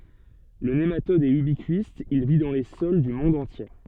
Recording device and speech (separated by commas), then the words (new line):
soft in-ear microphone, read sentence
Le nématode est ubiquiste, il vit dans les sols du monde entier.